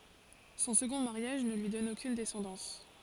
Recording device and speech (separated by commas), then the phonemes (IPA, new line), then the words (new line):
forehead accelerometer, read sentence
sɔ̃ səɡɔ̃ maʁjaʒ nə lyi dɔn okyn dɛsɑ̃dɑ̃s
Son second mariage ne lui donne aucune descendance.